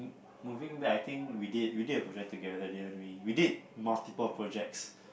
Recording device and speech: boundary microphone, conversation in the same room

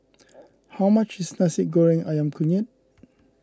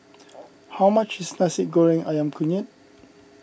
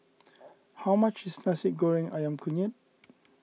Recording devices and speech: close-talking microphone (WH20), boundary microphone (BM630), mobile phone (iPhone 6), read sentence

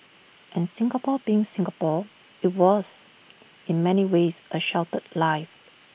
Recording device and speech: boundary microphone (BM630), read sentence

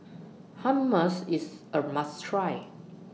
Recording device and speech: mobile phone (iPhone 6), read sentence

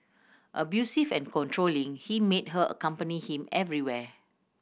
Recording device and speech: boundary microphone (BM630), read sentence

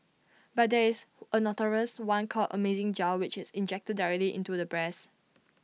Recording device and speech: mobile phone (iPhone 6), read sentence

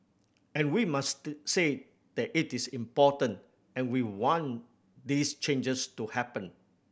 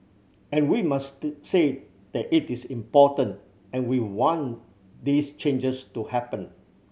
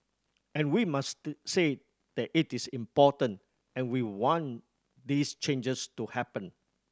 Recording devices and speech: boundary microphone (BM630), mobile phone (Samsung C7100), standing microphone (AKG C214), read sentence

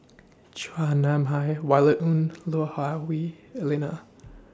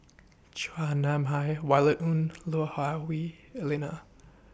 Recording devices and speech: standing microphone (AKG C214), boundary microphone (BM630), read sentence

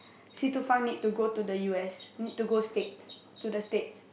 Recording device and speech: boundary microphone, conversation in the same room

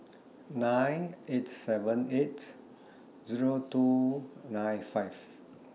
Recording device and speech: mobile phone (iPhone 6), read sentence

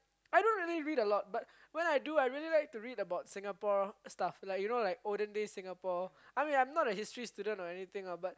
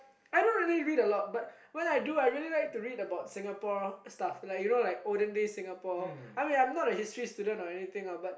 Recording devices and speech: close-talking microphone, boundary microphone, conversation in the same room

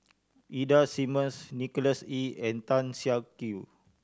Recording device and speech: standing microphone (AKG C214), read sentence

